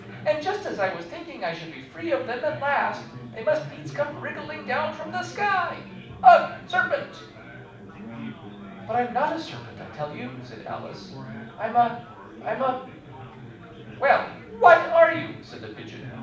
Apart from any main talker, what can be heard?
Crowd babble.